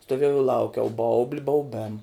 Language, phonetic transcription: Lithuanian, stoˈviejau i ˈlaukiau ˈbaubli bauˈbėm

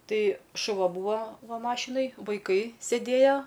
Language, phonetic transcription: Lithuanian, ˈtai šuˈva ˈbūva ˈva ˈmašinoj vaiˈkai sėˈdėjo

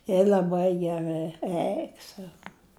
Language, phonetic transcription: Lithuanian, je l'aˈbai geˈrɨ ˈeik sau

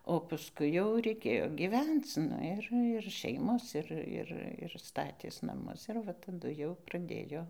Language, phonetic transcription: Lithuanian, o pasˈkui jau reiˈkėjo gyˈvenc ˈnu ir ir ˈšeimos ˈir ˈir ir ˈstatės naˈmus ir ˈva taˈdu jau praˈdėjo

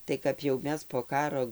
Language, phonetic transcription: Lithuanian, tai kap jau ˈmes po ˈkaro

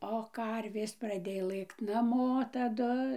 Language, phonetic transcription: Lithuanian, o ˈkarvės praˈdėjo ˈlɘkt naˈmo taˈdu

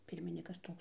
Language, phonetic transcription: Lithuanian, ˈpirminikas ˈtoks

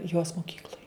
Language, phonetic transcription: Lithuanian, jos moˈkykloj

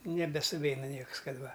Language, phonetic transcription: Lithuanian, nebesuˈveina ˈnieks ˈkad ˈva

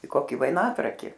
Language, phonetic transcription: Lithuanian, i ˈkoki vaiˈnatraki

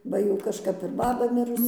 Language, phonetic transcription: Lithuanian, ˈba jau kažˈkap ir ˈbaba ˈmirus

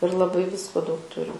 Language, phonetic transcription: Lithuanian, ir laˈbai ˈvisko daug ˈturim

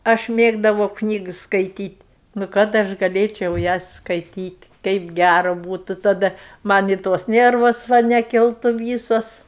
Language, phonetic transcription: Lithuanian, ˈaš ˈmėgdavau ˈknygs skaiˈtyt' nu ˈkad aš gaˈlėčiau ˈjas skaiˈtyt' ˈteip ˈgæru ˈbūtu taˈda ˈman' i tos ˈnervos ˈva neˈkiltu ˈvysos

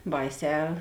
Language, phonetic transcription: Lithuanian, ˈbaiˌsē

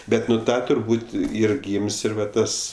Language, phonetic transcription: Lithuanian, ˈbet nu ˈta turˈbūt' ˈyr ˈgym's' ˈir va ˈtas

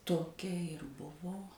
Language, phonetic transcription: Lithuanian, toˈkia ir ˈbuvo

